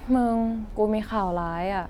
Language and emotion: Thai, sad